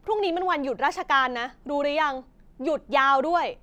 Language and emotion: Thai, frustrated